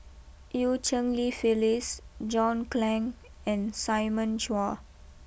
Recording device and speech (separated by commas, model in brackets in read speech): boundary microphone (BM630), read sentence